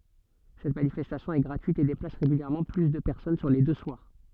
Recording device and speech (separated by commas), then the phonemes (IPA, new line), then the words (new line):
soft in-ear microphone, read sentence
sɛt manifɛstasjɔ̃ ɛ ɡʁatyit e deplas ʁeɡyljɛʁmɑ̃ ply də pɛʁsɔn syʁ le dø swaʁ
Cette manifestation est gratuite et déplace régulièrement plus de personnes sur les deux soirs.